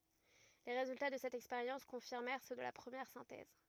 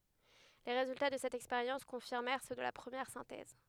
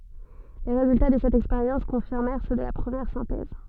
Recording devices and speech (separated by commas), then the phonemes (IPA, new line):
rigid in-ear microphone, headset microphone, soft in-ear microphone, read sentence
le ʁezylta də sɛt ɛkspeʁjɑ̃s kɔ̃fiʁmɛʁ sø də la pʁəmjɛʁ sɛ̃tɛz